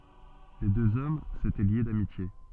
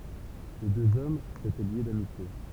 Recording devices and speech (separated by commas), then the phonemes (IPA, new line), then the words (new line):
soft in-ear microphone, temple vibration pickup, read sentence
le døz ɔm setɛ lje damitje
Les deux hommes s’étaient liés d’amitié.